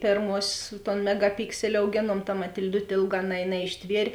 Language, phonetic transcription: Lithuanian, ˈpėrmuosės ton megaˈpikseli auˈgėnuom ta matil'ˈdut' ˈėlˌgā na naišˈtvier'

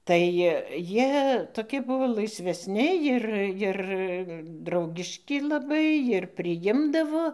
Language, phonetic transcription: Lithuanian, tai ˈjie toˈki ˈbuvo laisvesˈni ˈjir ˈjir ˈdraugiški laˈbai jir priˈjimdavo

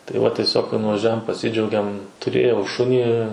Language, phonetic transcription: Lithuanian, tai ˈva tieˈsiog kai nuvažˈiuojam paˈsidžiaugiam tuˈrėjau ˈšunį

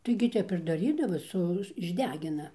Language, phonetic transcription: Lithuanian, taigi ˈtep ir daˈrydavo ˈsu išˈdegina

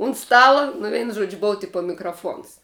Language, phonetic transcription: Lithuanian, unt ˈstala nu ˈveinu ˈžuodžiu ˈbova ˈtipa mikraˈfons

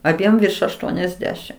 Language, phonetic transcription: Lithuanian, aˈbiem virš ašˈtuoniasˌdešim

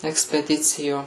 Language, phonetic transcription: Lithuanian, ekspeˈdicijo

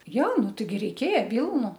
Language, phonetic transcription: Lithuanian, ˈjo ˈnu ˈtaigi ˈreikėja ˈvylnu

